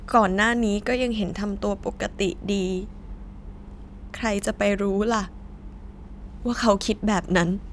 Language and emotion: Thai, sad